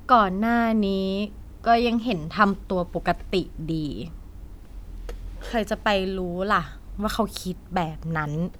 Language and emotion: Thai, frustrated